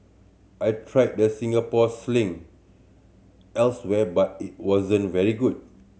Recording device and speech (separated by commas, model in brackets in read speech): mobile phone (Samsung C7100), read sentence